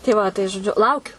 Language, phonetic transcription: Lithuanian, tei ˈva tai žoˈdžiu ˈlaukiu

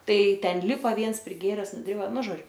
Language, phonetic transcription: Lithuanian, ˈtai ˈten ˈlipa ˈviens priˈgėres nuˈdriba ˈnu ˈžodžiu

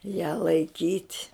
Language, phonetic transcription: Lithuanian, ją laiˈkyt'

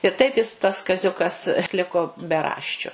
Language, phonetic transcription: Lithuanian, ir ˈtaip jis tas kaˈziukas ˈliko beˈraščiu

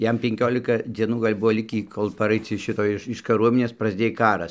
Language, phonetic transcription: Lithuanian, ˈjam penˈkiolika ˈdzienų gal' ˈbuvo ˈlikį kol paˈraic iš ˈšito ˈiš iš kaˈruominės prasˈdėj ˈkaras

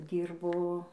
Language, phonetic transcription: Lithuanian, ˈdyrbo

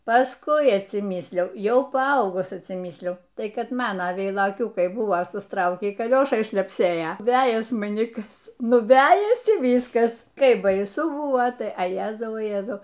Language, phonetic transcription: Lithuanian, pasˈkui atsiˈmysliau ˈjau paˈaugus atsiˈmysliau ˈtai ˈkad ˈmana veiloˈkiūkai ˈbuvo susˈtraukį kaˈliošai šlepˈsėja ˈvejas maˈni ˈkas ˈnu ˈvejasi ˈvyskas ˈkaip baiˈsu ˈbuvo tai a ˈjezau o ˈjezau

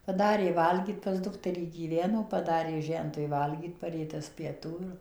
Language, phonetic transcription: Lithuanian, paˈdarė ˈvalgyt pas ˈdukterį gyˈveno paˈdarė ˈžentui ˈvalgyt paˈrė ˈtas pieˈtų ir

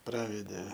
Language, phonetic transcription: Lithuanian, ˈpravedė

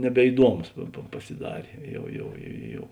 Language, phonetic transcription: Lithuanian, nebeiˈduomus pa pa pasiˈdarė ˈjau ˈjau ˈjau

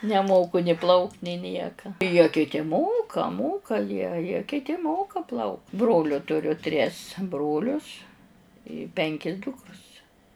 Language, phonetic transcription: Lithuanian, neˈmoku ni ˈplaukt' ni ˈnieka jie kiˈti ˈmoka ˈmoka jie jie kiˈti ˈmoka ˈplauk ˈbroliu tuˈriu tris ˈbrolius i ˈpenki ˈdukrus

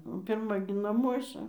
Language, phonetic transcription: Lithuanian, o pirˈma gi naˈmuosa

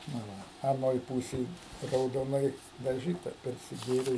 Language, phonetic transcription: Lithuanian, na ˈva aˈnoj ˈpūsėj raudoˈnai daˈžyta persiˈgėrė

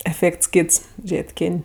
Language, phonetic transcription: Lithuanian, eˈfėkts ˈkyts ˈžėt' ˈkin'

